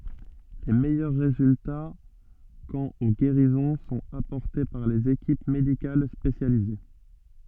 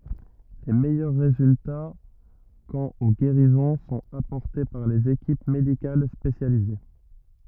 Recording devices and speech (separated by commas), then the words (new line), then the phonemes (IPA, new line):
soft in-ear microphone, rigid in-ear microphone, read sentence
Les meilleurs résultats quant aux guérisons sont apportés par les équipes médicales spécialisées.
le mɛjœʁ ʁezylta kɑ̃t o ɡeʁizɔ̃ sɔ̃t apɔʁte paʁ lez ekip medikal spesjalize